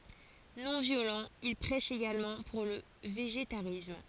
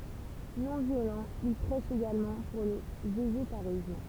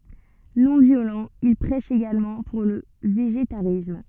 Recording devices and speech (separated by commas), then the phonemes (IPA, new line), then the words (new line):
forehead accelerometer, temple vibration pickup, soft in-ear microphone, read sentence
nɔ̃ vjolɑ̃ il pʁɛʃ eɡalmɑ̃ puʁ lə veʒetaʁism
Non-violent, il prêche également pour le végétarisme.